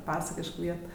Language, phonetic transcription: Lithuanian, ˈpasakišk ˈviet

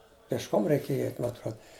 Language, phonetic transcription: Lithuanian, pėšˈkom reiˈkėja ˈeit' ma atˈruod

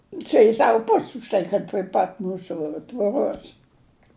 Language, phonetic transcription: Lithuanian, ˈčia jis ˈsavu ˈpus' už ˈtai kad pri ˈpat ˈmūsu tvoˈros

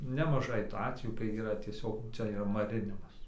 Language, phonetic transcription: Lithuanian, nemaˈžai tų ˈatvejų kai yˈra tieˈsiog ˈcia yˈra maˈrinimas

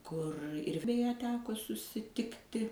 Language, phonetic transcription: Lithuanian, kur ir beˈje ˈteko susiˈtikti

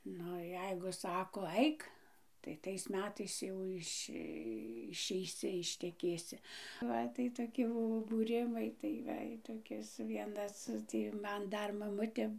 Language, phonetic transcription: Lithuanian, ˈnu ˈjeigu ˈsako ˈaik tai ˈtais ˈmetais ˈjau iš' išeiˈsi išteˈkėsi ˈva tai toˈki ˈbuvo būˈrimai tai ˈva i toˈkis ˈvienas ˈtį ˈman ˈdar maˈmutė

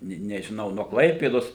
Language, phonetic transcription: Lithuanian, ˈne nežiˈnau nuo ˈklaipėdos

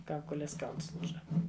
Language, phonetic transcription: Lithuanian, ˈkaukolės ˈkauls ˈlūža

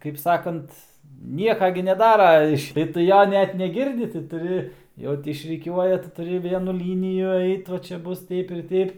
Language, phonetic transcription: Lithuanian, kaip ˈsakant ˈnieka gi neˈdara ˈiš ir tu ˈjo ˈnet neˈgirdi tai tuˈri ˈjau ti išriˈkiuoja tai tuˈri ˈvienu ˈlyniju ˈait va ˈčia ˈbus ˈteip ir ˈteip

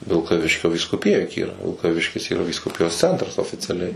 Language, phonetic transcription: Lithuanian, vilkaˈviškio vyskuˈpija juk ˈyra vilkaˈviškis yˈra vyskuˈpijos ˈcentras oficiaˈliai

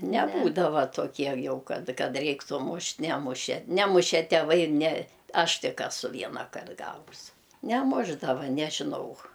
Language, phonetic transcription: Lithuanian, neˈbūdava toˈkie ˈjau ˈkad ˈkad ˈreiktų ˈmušt' ˈnemuše ˈnemuše teˈvai ir ne ˈaš ˈtik eˈsu ˈvienakart ˈgavus neˈmušdava nežiˈnau

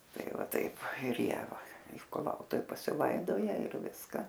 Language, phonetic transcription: Lithuanian, tai va ˈtaip ir ˈjie va ir kuˈlautuv pasiˈlaidoja ir ˈviska

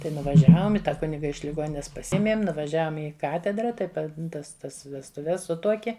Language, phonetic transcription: Lithuanian, ˈtai nuvaˈžiavom i ˈtą ˈkuniga iš liˈgonines paˈsiemėm nuvaˈžiavom ˈi ˈkatedra tai ˈpa ˈtas ˈtas vestuˈves ˈsutuokie

